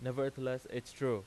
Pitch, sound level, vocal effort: 130 Hz, 91 dB SPL, loud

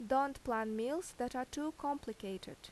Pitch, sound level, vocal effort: 255 Hz, 83 dB SPL, loud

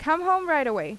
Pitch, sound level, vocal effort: 310 Hz, 90 dB SPL, loud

